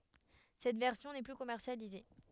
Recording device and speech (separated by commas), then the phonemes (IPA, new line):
headset microphone, read sentence
sɛt vɛʁsjɔ̃ nɛ ply kɔmɛʁsjalize